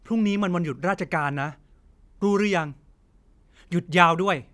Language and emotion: Thai, frustrated